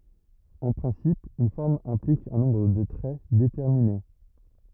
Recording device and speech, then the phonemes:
rigid in-ear microphone, read sentence
ɑ̃ pʁɛ̃sip yn fɔʁm ɛ̃plik œ̃ nɔ̃bʁ də tʁɛ detɛʁmine

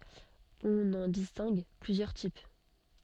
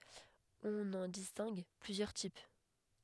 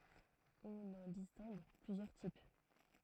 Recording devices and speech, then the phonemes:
soft in-ear microphone, headset microphone, throat microphone, read sentence
ɔ̃n ɑ̃ distɛ̃ɡ plyzjœʁ tip

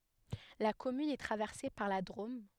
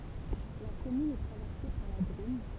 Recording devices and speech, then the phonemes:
headset microphone, temple vibration pickup, read sentence
la kɔmyn ɛ tʁavɛʁse paʁ la dʁom

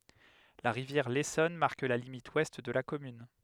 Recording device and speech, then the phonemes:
headset microphone, read sentence
la ʁivjɛʁ lesɔn maʁk la limit wɛst də la kɔmyn

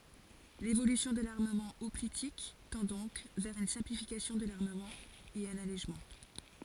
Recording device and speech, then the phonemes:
forehead accelerometer, read sentence
levolysjɔ̃ də laʁməmɑ̃ ɔplitik tɑ̃ dɔ̃k vɛʁ yn sɛ̃plifikasjɔ̃ də laʁməmɑ̃ e œ̃n alɛʒmɑ̃

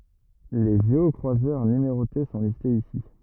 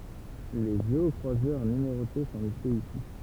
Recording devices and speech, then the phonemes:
rigid in-ear microphone, temple vibration pickup, read sentence
le ʒeɔkʁwazœʁ nymeʁote sɔ̃ listez isi

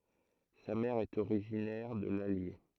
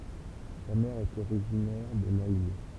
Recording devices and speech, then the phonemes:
throat microphone, temple vibration pickup, read sentence
sa mɛʁ ɛt oʁiʒinɛʁ də lalje

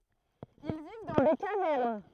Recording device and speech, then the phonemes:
throat microphone, read sentence
il viv dɑ̃ de kavɛʁn

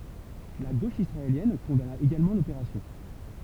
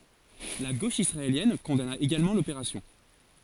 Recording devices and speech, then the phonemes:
temple vibration pickup, forehead accelerometer, read sentence
la ɡoʃ isʁaeljɛn kɔ̃dana eɡalmɑ̃ lopeʁasjɔ̃

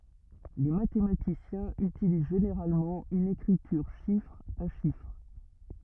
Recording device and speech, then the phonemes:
rigid in-ear microphone, read sentence
le matematisjɛ̃z ytiliz ʒeneʁalmɑ̃ yn ekʁityʁ ʃifʁ a ʃifʁ

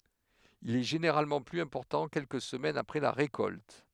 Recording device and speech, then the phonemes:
headset microphone, read sentence
il ɛ ʒeneʁalmɑ̃ plyz ɛ̃pɔʁtɑ̃ kɛlkə səmɛnz apʁɛ la ʁekɔlt

